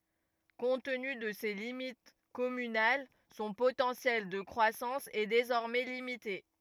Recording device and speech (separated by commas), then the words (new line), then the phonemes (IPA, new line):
rigid in-ear microphone, read sentence
Compte tenu, de ses limites communales, son potentiel de croissance est désormais limité.
kɔ̃t təny də se limit kɔmynal sɔ̃ potɑ̃sjɛl də kʁwasɑ̃s ɛ dezɔʁmɛ limite